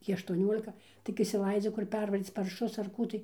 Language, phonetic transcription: Lithuanian, ˈtį aštuoˈniolika tik išsiˈlaidziu kur ˈpervaryc parˈšus ar ˈkų tai

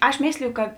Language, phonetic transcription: Lithuanian, ˈaš ˈmėsliju kad

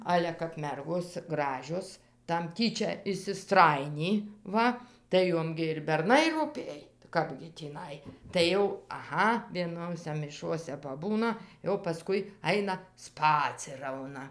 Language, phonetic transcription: Lithuanian, ˈale kap ˈmergos ˈgražios tam ˈtyčia išsiˈstrajinį ˈva tai ˈjom gi ir berˈnai rūˈpėj ˈkapgi tįˈnai tai ˈjau aˈha vieˈnose miˈšuose paˈbūna jau paˈskui ˈaina ˈspacirauna

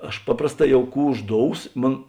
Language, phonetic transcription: Lithuanian, ˈaš ˈpaprasˌtā ˈjau ˈkų užˈdous ˈmon

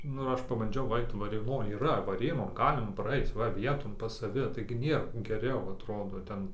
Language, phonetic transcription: Lithuanian, ˈnu ir ˈaš pabanˈdžiau ˈait varėˈnoj yˈra vaˈrėnon ˈgalima praˈaic ˈva ˈvieton ˈpas saˈvi taigi ˈnėr geˈriau atˈrodo ˈten

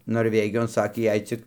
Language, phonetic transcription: Lithuanian, norˈvegijon ˈsakė ˈjei cik

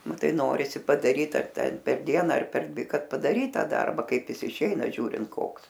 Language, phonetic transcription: Lithuanian, ˈnu ˈtai ˈnorisi padaˈryt ar ˈten per ˈdiena ar per ˈdvi ˈkad padaˈryt ˈtą ˈdarba ˈkaip ˈjis iˈšeina ˈžiūrint ˈkoks

